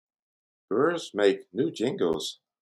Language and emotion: English, happy